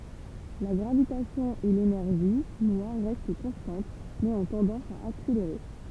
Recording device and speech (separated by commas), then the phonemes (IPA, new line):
temple vibration pickup, read sentence
la ɡʁavitasjɔ̃ e lenɛʁʒi nwaʁ ʁɛst kɔ̃stɑ̃t mɛz ɔ̃ tɑ̃dɑ̃s a akseleʁe